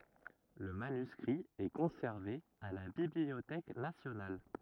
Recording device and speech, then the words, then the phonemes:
rigid in-ear microphone, read sentence
Le manuscrit est conservé à la Bibliothèque nationale.
lə manyskʁi ɛ kɔ̃sɛʁve a la bibliotɛk nasjonal

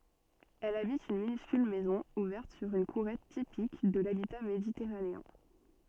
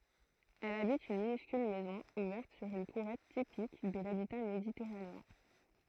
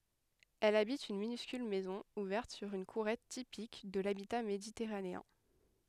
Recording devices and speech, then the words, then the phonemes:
soft in-ear microphone, throat microphone, headset microphone, read sentence
Elle habite une minuscule maison ouverte sur une courette typique de l'habitat méditerranéen.
ɛl abit yn minyskyl mɛzɔ̃ uvɛʁt syʁ yn kuʁɛt tipik də labita meditɛʁaneɛ̃

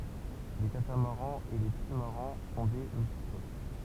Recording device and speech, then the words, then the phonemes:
temple vibration pickup, read sentence
Les catamarans et les trimarans sont des multicoques.
le katamaʁɑ̃z e le tʁimaʁɑ̃ sɔ̃ de myltikok

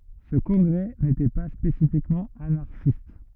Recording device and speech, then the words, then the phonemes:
rigid in-ear microphone, read sentence
Ce congrès n'était pas spécifiquement anarchiste.
sə kɔ̃ɡʁɛ netɛ pa spesifikmɑ̃ anaʁʃist

